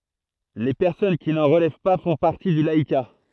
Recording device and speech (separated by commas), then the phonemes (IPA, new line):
throat microphone, read sentence
le pɛʁsɔn ki nɑ̃ ʁəlɛv pa fɔ̃ paʁti dy laika